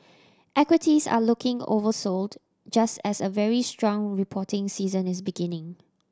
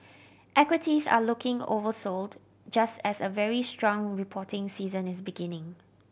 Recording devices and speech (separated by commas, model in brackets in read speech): standing microphone (AKG C214), boundary microphone (BM630), read sentence